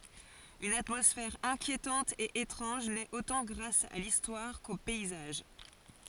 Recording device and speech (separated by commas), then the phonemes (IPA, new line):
forehead accelerometer, read sentence
yn atmɔsfɛʁ ɛ̃kjetɑ̃t e etʁɑ̃ʒ nɛt otɑ̃ ɡʁas a listwaʁ ko pɛizaʒ